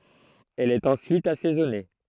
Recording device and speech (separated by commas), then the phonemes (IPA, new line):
throat microphone, read sentence
ɛl ɛt ɑ̃syit asɛzɔne